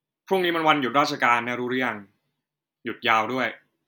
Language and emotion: Thai, neutral